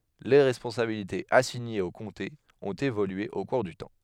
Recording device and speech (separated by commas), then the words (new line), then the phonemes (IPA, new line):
headset microphone, read sentence
Les responsabilités assignées aux comtés ont évolué au cours du temps.
le ʁɛspɔ̃sabilitez asiɲez o kɔ̃tez ɔ̃t evolye o kuʁ dy tɑ̃